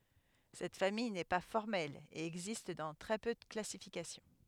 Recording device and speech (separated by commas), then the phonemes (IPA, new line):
headset microphone, read sentence
sɛt famij nɛ pa fɔʁmɛl e ɛɡzist dɑ̃ tʁɛ pø də klasifikasjɔ̃